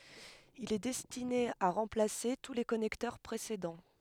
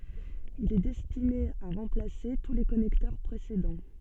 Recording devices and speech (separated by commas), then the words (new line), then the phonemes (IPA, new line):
headset microphone, soft in-ear microphone, read sentence
Il est destiné à remplacer tous les connecteurs précédents.
il ɛ dɛstine a ʁɑ̃plase tu le kɔnɛktœʁ pʁesedɑ̃